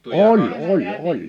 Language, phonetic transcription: Finnish, oĺ , 'oĺ 'oĺ , 'ol .
- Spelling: oli oli oli oli

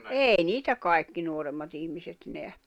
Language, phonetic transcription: Finnish, 'èi niitä 'kai̬kki 'nuoremmat ‿ihmiset neä .
- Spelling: ei niitä kaikki nuoremmat ihmiset näe

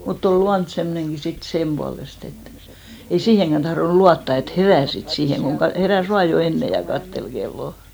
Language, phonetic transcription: Finnish, mut't ‿ol "luant 'semmᵒnenɢi 'sit , "semʙualest ‿et , ei 'siiheŋkän tahronᵘ 'luatta et "herä̀ 'sit 'siiheŋ ɢoŋ 'ka- , 'herä̀s "vaa jo "enne ja 'kattel ɢellò .
- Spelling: mutta oli luonto semmoinenkin sitten sen puolesta että ei siihenkään tahtonut luottaa että herää sitten siihen kun - heräsi vain jo ennen ja katseli kelloa

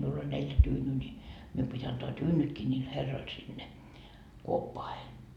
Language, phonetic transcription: Finnish, miul ‿oĺ neljä 'tyynyy ńi , mium pit́ antoa "tyynytkii ńiil 'herroil sinne , 'kuoppoahe .
- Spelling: minulla oli neljä tyynyä niin minun piti antaa tyynytkin niille herroille sinne kuoppaan

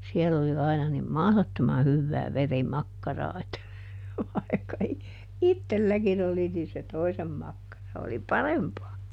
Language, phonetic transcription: Finnish, ˈsiell ‿oli ˈaina nim "mahlottoma ˈhyvvää ˈveri"makkaraa että , vai̮kka i- , "ittelˈläkin ‿oli nii se "toisem ˈmakkara oli "parempaa .
- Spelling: siellä oli aina niin mahdottoman hyvää verimakkaraa että vaikka - itselläkin oli niin se toisen makkara oli parempaa

